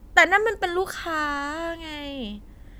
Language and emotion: Thai, frustrated